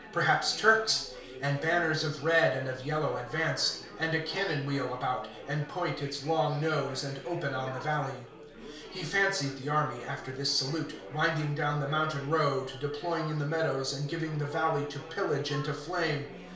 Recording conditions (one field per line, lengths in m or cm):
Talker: one person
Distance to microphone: 1.0 m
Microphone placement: close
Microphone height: 1.1 m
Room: small (3.7 m by 2.7 m)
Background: babble